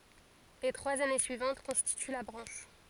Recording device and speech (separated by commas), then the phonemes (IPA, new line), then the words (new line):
forehead accelerometer, read sentence
le tʁwaz ane syivɑ̃t kɔ̃stity la bʁɑ̃ʃ
Les trois années suivantes constituent la branche.